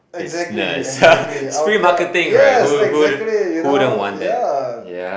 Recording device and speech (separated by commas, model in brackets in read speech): boundary microphone, conversation in the same room